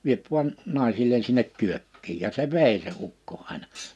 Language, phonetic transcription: Finnish, 'viep vuan , 'nàisille(n) sinnek 'kyökkiij « ja se "vèi se 'ukko 'àina .
- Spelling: vie vain naisille sinne kyökkiin ja se vei se ukko aina

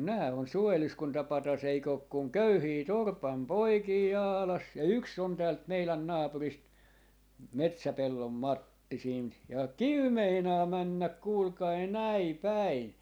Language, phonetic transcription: Finnish, mun 'nää on "suojeluskuntapatas 'eik ‿òk kuŋ "köyhii 'torpam 'poikii "Jaalas , ja "yks ‿on täält 'meilän 'naapurist , "Metsäpellom "Matti siint ja , "kiw 'meinaa 'männäk 'kuulkai "näi "päin .
- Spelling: mutta nämä on suojeluskuntapatsas eikö ole kuin köyhiä torpan poikia Jaalassa ja yksi on täältä meidän naapurista Metsäpellon Matti siitä ja kivi meinaa mennä kuulkaa näin päin

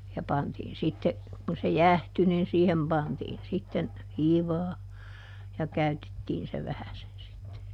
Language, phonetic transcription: Finnish, ja ˈpantiin ˈsitte , kun se "jähty nin siihem ˈpantiin sitten , ˈhiivaa , ja ˈkäytettiin se ˈvähäsen sitte .
- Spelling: ja pantiin sitten kun se jäähtyi niin siihen pantiin sitten hiivaa ja käytettiin se vähäisen sitten

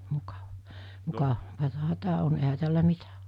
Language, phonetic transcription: Finnish, 'mukav- , 'muka- , -vataha 'tää on ehä 'tällä 'mitä (o) .
- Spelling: - - mukavaahan tämä on eihän tällä mitä ole

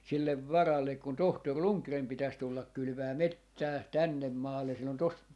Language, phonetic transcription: Finnish, 'sillev "varallek kun 'tohtor "Ruŋkreem 'pitäs 'tullak 'kylʸvää "mettää , "tännem 'maalle sill ‿on tos ,.
- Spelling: sille varalle kun tohtori Rundgren pitäisi tulla kylvämään metsää tänne maalle sillä on tuossa

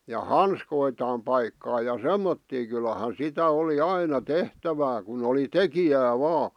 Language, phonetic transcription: Finnish, ja "hanskoitaam 'paikkaa ja "semmottii kylahan̬ 'sitä 'oli 'aina "tehtävää kun ‿oli "tekijää 'vaa .
- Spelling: ja hanskojaan paikata ja semmoisia kyllähän sitä oli aina tehtävää kun oli tekijää vain

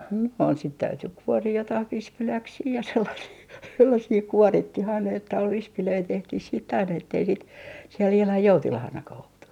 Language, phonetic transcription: Finnish, no ‿n- , sit 'täyty 'kuorii 'jotah "vispiläksii ja sellasii , 'sellasii "kuorittih ‿aina että ol 'vispilöi 'tehtih siit't ‿aina ettei sit , siel ihlan 'joutilahanakah ‿oltu .
- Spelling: no - sitten täytyi kuoria jotakin vispiläksiä ja sellaisia sellaisia kuorittiin aina että oli vispilöitä tehtiin sitten aina että ei sitten siellä ihan joutilaanakaan oltu

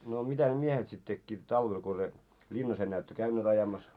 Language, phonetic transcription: Finnish, no 'mitä ne 'miehet sit tekkiit 'talvel ko se , 'ĺinnas ennää ettö "käynneet ajamas ?
- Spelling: no mitä ne miehet sitten tekivät talvella kun se linnassa enää ette käyneet ajamassa

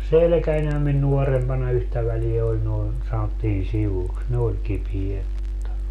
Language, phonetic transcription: Finnish, 'selᵉkäńhäm min 'nuorempana 'yhtä väliä oĺ noin , sanottiin 'sivuks , ne oĺ 'kipiet mutta , .
- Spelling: selkänihän minun nuorempana yhtä väliä oli noin sanottiin sivuiksi ne oli kipeät mutta

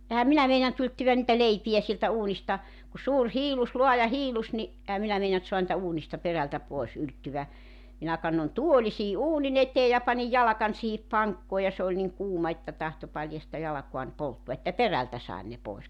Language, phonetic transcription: Finnish, 'ehäm 'minä meinant 'yltyvän nⁱtä "leipi₍ä 'sieltä 'uunista , ku 'suur 'hiilus , 'luaja 'hiilus ni , '’ehä minä meinant 'soan nⁱtä 'uunista 'perältä 'poes , 'ylttyvä , minä 'kannon "tuoli sii "’uuni'n ‿eteej ja 'panij 'jalakań siihip "paŋkkoo ja se oĺ niŋ "kuuma että tahto 'paljasta 'jalakuan 'polttua että "perältä 'saen ne 'pòes .
- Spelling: enhän minä meinannut ylettvä niitä leipiä sieltä uunista kun suuri hiillos laaja hiillos niin enhän minä meinannut saada niitä uunista perältä pois ylettyä minä kannoin tuolin siihen uunin eteen ja panin jalkani siihen pankkoon ja se oli niin kuuma että tahtoi paljasta jalkaani polttaa että perältä sain ne pois

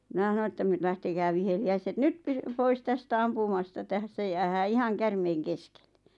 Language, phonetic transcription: Finnish, 'mⁱna ʰᵃno että ‿m- » 'lähtekää viheli₍äiset "nyt py- "pois 'tästä "ampumasta 'tässä jäähää "ihaŋ "kärmeiŋ 'keskelle « .
- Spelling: minä sanoin että - lähtekää viheliäiset nyt - pois tästä ampumasta tässä jäädään ihan käärmeiden keskelle

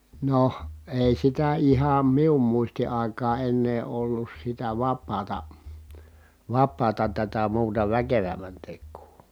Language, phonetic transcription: Finnish, noh , èi sitä iham mium muisti àikaa ennee ollus sitä vap̆paata , vap̆paata tätä muuta väkevämmän tek̆kuu .
- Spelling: no ei sitä ihan minun muistin aikaan ennen ollut sitä vapaata vapaata tätä muuta väkevämmän tekoa

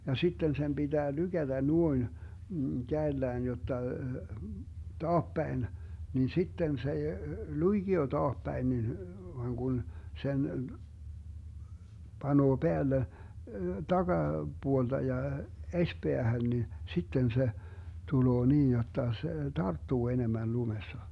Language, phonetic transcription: Finnish, ja 'sitten sem 'BiDää 'lyGäDä 'nuoin , 'käellään jotta , "taappäin , niin 'sitten s ‿ei , 'luiGio 'taahpäin nin , voaŋ Gun , sen , 'Banuo 'Beälle , 'taGa- , -'BuolDa ja , 'eśpeähän ni , 'sitten 'se , 'tuloo 'niij jotta se , "tarttuu 'enemän 'lumessa .
- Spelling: ja sitten sen pitää lykätä noin kädellään jotta taapäin niin sitten se ei luikea taapäin niin vaan kun sen panee päälle - takapuolelta ja esipäähän niin sitten se tulee niin jotta se tarttuu enemmän lumessa

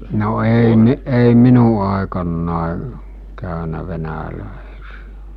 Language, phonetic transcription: Finnish, no ei 'mi- , ei 'minu àekannàe , 'kä̀önä 'venälä̀esijᴀ̈ .
- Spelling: no ei - ei minun aikana käynyt venäläisiä

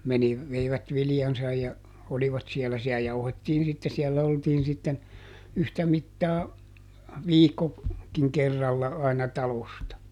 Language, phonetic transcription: Finnish, ˈmeni- , ˈveivät ˈvilⁱjansaj ja , ˈolivat ˈsiellä - siä ˈjauhettiin sitte ˈsiɛllä ˈoltiin sitten , ˈyhtä ˈmittaa , "viikko , -kiŋ ˈkerralla aina ˈtalosta .
- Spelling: - veivät viljansa ja olivat siellä siellä jauhettiin sitten siellä oltiin sitten yhtä mittaa - viikkokin kerralla aina talosta

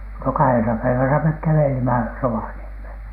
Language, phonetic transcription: Finnish, no "kahesa 'päiväsä mek 'kävelimä "Rovaniemhèn .
- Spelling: no kahdessa päivässä me kävelimme Rovaniemelle

